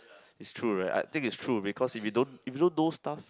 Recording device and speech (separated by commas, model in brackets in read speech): close-talking microphone, conversation in the same room